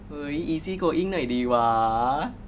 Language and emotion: Thai, happy